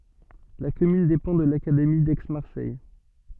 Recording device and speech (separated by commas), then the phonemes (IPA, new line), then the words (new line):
soft in-ear microphone, read sentence
la kɔmyn depɑ̃ də lakademi dɛksmaʁsɛj
La commune dépend de l'académie d'Aix-Marseille.